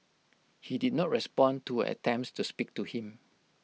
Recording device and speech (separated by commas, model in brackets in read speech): mobile phone (iPhone 6), read sentence